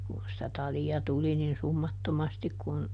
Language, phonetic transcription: Finnish, kun sⁱtä ˈtali₍a ˈtuli nin ˈsummattomastik kun ,.
- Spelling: kun sitä talia tuli niin summattomasti kun

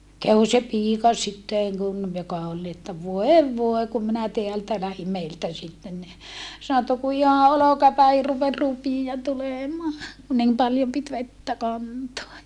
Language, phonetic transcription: Finnish, käw se piika sittèŋ kun , joka ol ni että » voev voe kum minä teältä lähim » meiltä sitten ni , sano että » ku iha olokapäihir rupe(s) rupija tulèmaa , ku nim paljom pit vettä kantoa .
- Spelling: kävi se piika sitten kun joka oli niin että voi voi kun minä täältä lähdin meiltä sitten niin sanoi että kun ihan olkapäihin rupesi rupia tulemaan kun niin paljon piti vettä kantaa

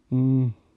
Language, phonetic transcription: Finnish, hmm .
- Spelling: mm

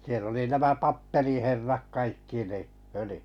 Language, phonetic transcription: Finnish, siell ‿oli 'nämä "p̳appeliherrak 'kaikki ni , föli[jyssä] .
- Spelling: siellä oli nämä kappeliherrat kaikki niin följyssä

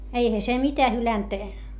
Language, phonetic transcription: Finnish, eihä se mitä hylänt .
- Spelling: eihän se mitä hylännyt

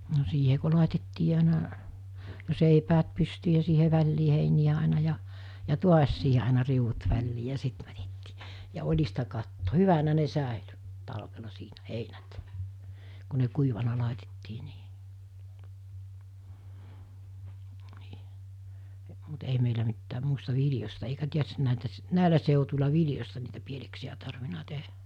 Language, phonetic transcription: Finnish, no siihe ko 'làitettii àina , 'seipäät 'pystyy ja siihe 'väĺlii 'heiniʲä àina ja , ja "tuas siihe àena 'riuᵛut 'väl̜lii ja 'sit mätettɪɪ , ja 'oĺista katto , "hyvänä ne 'sä̀ely , 'talvela 'siinä , 'heinät , ku ne 'kuivana 'làitettii nii , (ni,) mut 'ei meilä mittääm 'muista 'viljosta eikä ('tiestin) nä̀itä , 'nä̀ilä sèutul̜a 'viljosta niitä 'pieleksiʲä tarvina 'tehᴀ̈ .
- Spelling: no siihen kun laitettiin aina seipäät pystyyn ja siihen väliin heiniä aina ja ja taas siihen aina riu'ut väliin ja sitten mätettiin ja oljista katto hyvänä ne säilyi talvella siinä heinät kun ne kuivana laitettiin niin niin mutta ei meillä mitään muista viljoista eikä tietysti näitä näillä seuduilla viljoista niitä pieleksiä tarvinnut tehdä

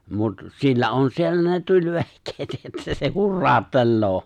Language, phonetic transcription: Finnish, mut , 'sillä on 'siellä ne 'tuĺ'vehk̀eet että se 'hurraaᵒttelloo .
- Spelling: mutta sillä on siellä ne tulivehkeet että se hurauttelee

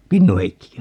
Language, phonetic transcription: Finnish, "Kinnuheikkikö ?
- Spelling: Kinnu-Heikkikö

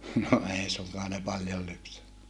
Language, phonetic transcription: Finnish, no ei suŋkaa ne paljol lypsännä .
- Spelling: no ei suinkaan ne paljon lypsänyt

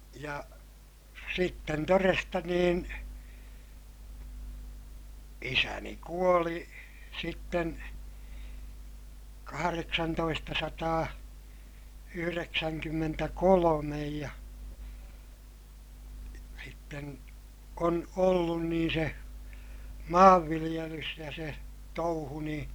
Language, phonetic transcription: Finnish, ja , sitten toresta niin , isäni kuoli , sitten , kahareksantoistasataa , yhyreksäŋkymmmentäkolomej ja , sitten , on ollun niin̬ se , maavviliʲelys ja se , touhu niḭ ,.
- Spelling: ja sitten todesta niin isäni kuoli sitten kahdeksantoistasataa yhdeksänkymmentäkolme ja sitten on ollut niin se maanviljelys ja se touhu niin

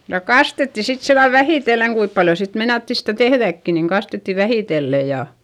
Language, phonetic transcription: Finnish, ja kastetti sit sillal vähìtelleŋ - kuip paljo sit meinatti stä̀ tehδäkki - niŋ kastetti vähìtelle ja ,.
- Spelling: ja kastettiin sitten sillä lailla vähitellen kuinka paljon sitten meinattiin sitä tehdäkin niin kastettiin vähitellen ja

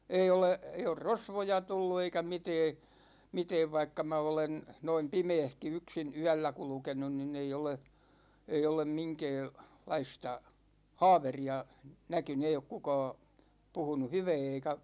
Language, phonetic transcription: Finnish, 'ei ole , 'ei or "rosvoja tullu eikä 'mitɛɛ , 'mitɛɛv vaikka 'mä olen , noim "pimeehki 'yksin "yällä 'kulkenun nin'ⁿ ‿ei ole , 'ei olem 'miŋkɛɛ- , 'laista , "haaveri₍a näkyny 'ei ok 'kukaa , 'puhunu "hyvɛɛ eika̳§ .
- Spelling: ei ole ei ole rosvoja tullut eikä mitään mitään vaikka minä olen noin pimeässäkin yksin yöllä kulkenut niin ei ole ei ole - minkäänlaista haaveria näkynyt ei ole kukaan puhunut hyvää eikä

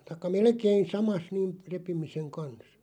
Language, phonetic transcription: Finnish, taⁱkka "melkein 'samas (niin) , 'repimiseŋ 'kans .
- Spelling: tai melkein samassa niin repimisen kanssa

